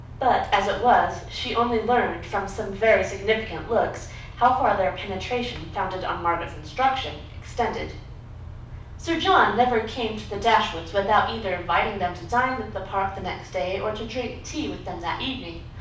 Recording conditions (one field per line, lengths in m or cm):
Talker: one person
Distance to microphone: 5.8 m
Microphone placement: far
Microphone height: 1.8 m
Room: medium-sized (5.7 m by 4.0 m)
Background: none